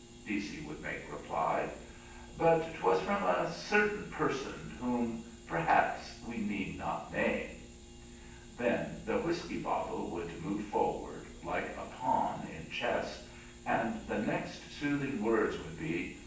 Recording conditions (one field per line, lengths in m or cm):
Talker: one person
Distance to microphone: 9.8 m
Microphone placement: far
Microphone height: 1.8 m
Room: large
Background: none